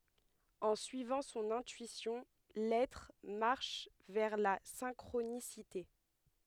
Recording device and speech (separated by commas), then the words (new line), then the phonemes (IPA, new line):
headset microphone, read sentence
En suivant son intuition, l'être marche vers la synchronicité.
ɑ̃ syivɑ̃ sɔ̃n ɛ̃tyisjɔ̃ lɛtʁ maʁʃ vɛʁ la sɛ̃kʁonisite